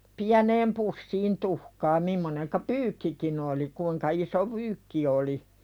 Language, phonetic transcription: Finnish, piäneem "pussiin 'tuhkaa mimmoneŋka "pyykkikin ‿oli , 'kuiŋka iso "pyykki oli .
- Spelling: pieneen pussiin tuhkaa mimmoinen pyykkikin oli kuinka iso pyykki oli

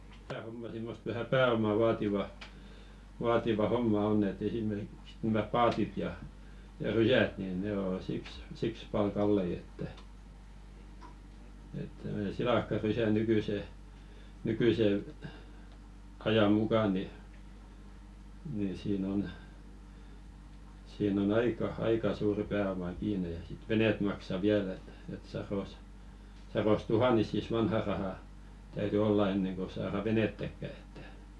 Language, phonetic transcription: Finnish, tää 'homma simmost vähä "pää₍oma 'vaativa , vaativa 'homma "onn ‿et 'esimerkiks nämä "paatit ja , ja "rysät nin ne ‿o 'siks , siks 'pal "kallei että , et (tom̀one) "silàkka'rysä nykỳse , 'nykỳse , 'aja 'muka ni , ni 'siin ‿on , 'siin ‿on 'aika , "aika 'suurⁱ pää₍oma 'kiine ja sit 'venèt maksa "viäl ‿et , et saros , 'saros "tuhanisis "vanhà 'rahà , täyty "olla 'enneŋ ko saara 'venettäkkä ᴇttᴀ̈ .
- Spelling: tämä homma semmoista vähän pääomaa - vaativa homma on että esimerkiksi nämä paatit ja ja rysät niin ne on siksi siksi paljon kalliita että että tuommoinen silakkarysä nykyisen nykyisen ajan mukaan niin niin siinä on siinä on aika aika suuri pääoma kiinni ja sitten veneet maksa vielä että että sadoissa sadoissa tuhansissa vanhaa rahaa täytyi olla ennen kuin saadaan venettäkään että

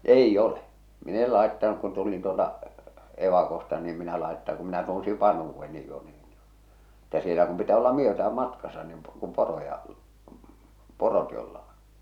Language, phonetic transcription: Finnish, 'eij'j ‿ole , mi'n ‿el 'làettanuk kun tulin tuolta , 'evakosta nii em minä laetta- kum minä tunsiv "vanhuuvvenni jo ɴɪɪ , että sielä kum pitää olla "myötä₍äm "matkasa nin , kum 'poroja , 'porot jolla on .
- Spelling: ei ole minä en laittanut kun tulin tuolta evakosta niin en minä - kun minä tunsin vanhuudenkin jo niin että siellä kun pitää olla myötään matkassa niin kun poroja porot jolla on

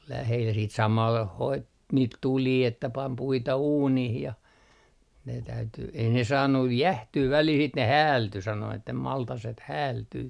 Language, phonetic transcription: Finnish, ol 'lähel siit 'samal 'hoit , niit "tulii että 'pam 'puita "uunih ja , ne täyty , ei ne 'saannuj "jähtyy 'välil sit ne 'häälty sano että 'maltaset "häältyy .
- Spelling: oli lähellä sitten samalla hoiti niitä tulia että pani puita uuniin ja ne täytyi ei ne saanut jäähtyä välillä sitten ne häältyi sanoi että maltaset häältyy

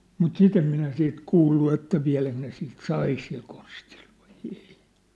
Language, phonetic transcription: Finnish, mut "sit ‿em minä siit 'kuullu että 'viä̭läk ne siit "sai sil konstiʟ ᴠᴀɪ ᴇɪ .
- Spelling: mutta sitten en minä siitä kuullut että vieläkö ne siitä sai sillä konstilla vai ei

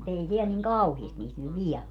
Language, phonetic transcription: Finnish, mu't ‿ei 'siɛl niŋ "kauhiest 'niit nyt "viɛĺl ‿o .
- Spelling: mutta ei siellä niin kauheasti niitä nyt vielä ole

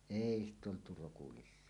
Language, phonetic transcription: Finnish, èi ‿stᵗ ‿oltu 'rokulissa .
- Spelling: ei sitä oltu rokulissa

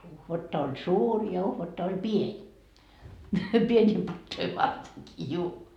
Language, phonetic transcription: Finnish, 'uhvatta on "suur ja 'uhvatta oĺ "pień , 'pieńii 'pattoi varteŋkii 'juu .
- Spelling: uhvatta on suuri ja uhvatta oli pieni pieniä patoja vartenkin juu

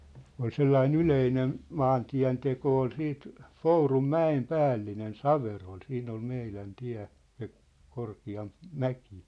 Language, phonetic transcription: Finnish, ol 'sellai"n ‿yleinen , "maantiä̭nteko ol 'siit , "F̳ourum"mä₍em "päällinen "Saverol 'siin ‿ol 'meilän 'tiä̭ , se , 'korki₍amp , "mäkɪ .
- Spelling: oli sellainen yleinen maantienteko oli sitten Pourunmäen päällinen Saverolla siinä oli meidän tie se korkeampi mäki

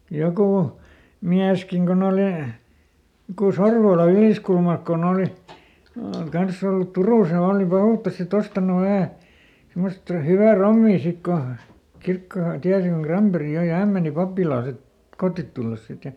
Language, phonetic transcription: Finnish, ˈjokù , ˈmiäskiŋ koˈn ‿olì , joku "Sorvoola ˈYlìskulmalk koˈn ‿òli , ˈkanss ‿ollut ˈTurùs ja ooli ˈpahùttas sitˈt ‿ostanu ˈvähä̀ , simmost ˈhyvä "rommii ˈsik ko , ˈkirkko(herra) , ˈtiäsi koŋ ˈKramperi ˈjoi ja "häm meni ˈpappilaa ˈsit , "kottit tulles ˈsit ja ,.
- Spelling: joku mieskin kun oli joku Sorvola Yliskulmalta kun oli kanssa ollut Turussa ja oli pahuuttansa sitten ostanut vähän semmoista hyvää rommia sitten kun kirkkoherra tiesi kun Granberg joi ja hän meni pappilaan sitten kotiin tullessa sitten ja

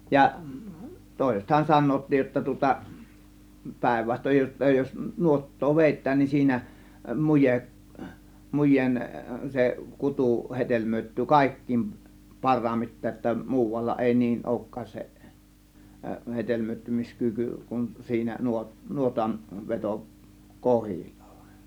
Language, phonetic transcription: Finnish, 'ja , 'tòėsethan "san̆noottij jotta tŭŏta , 'pä̀ėvvastoj jotta jos , 'nuot̀too "vèittään niin 'siinä , 'mujeˀ , 'muj̆jeen , se 'kutu , 'heD§elmöittyy , "kàėk̀kiim "par̆raammit̆te ‿ᵒtta , "muuvalla 'èi niin "òŭk̀kaas se , 'heD§elmöittymis'kyky kun siinä 'nuo- , 'nuotan , 'veto- , "kohil͕l͕A VAᴵN .
- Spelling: ja toisethan sanovatkin jotta tuota päinvastoin jotta jos nuottaa vedetään niin siinä muje mujeen se kutu hedelmöittyy kaikkein parhaiten jotta muualla ei niin olekaan se hedelmöittymiskyky kuin siinä - nuotan - vetokohdilla vain

